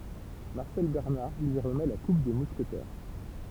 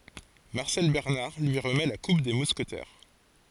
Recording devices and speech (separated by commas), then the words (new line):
temple vibration pickup, forehead accelerometer, read sentence
Marcel Bernard lui remet la coupe des Mousquetaires.